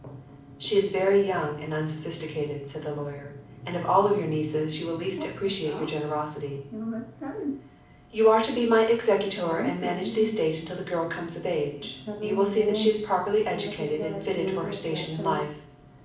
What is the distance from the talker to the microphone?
5.8 m.